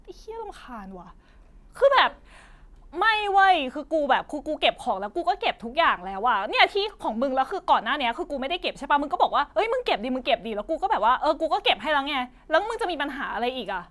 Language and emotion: Thai, frustrated